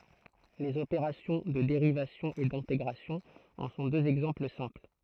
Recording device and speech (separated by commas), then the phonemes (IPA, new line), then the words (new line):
throat microphone, read sentence
lez opeʁasjɔ̃ də deʁivasjɔ̃ e dɛ̃teɡʁasjɔ̃ ɑ̃ sɔ̃ døz ɛɡzɑ̃pl sɛ̃pl
Les opérations de dérivation et d'intégration en sont deux exemples simples.